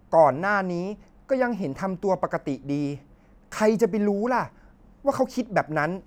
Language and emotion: Thai, frustrated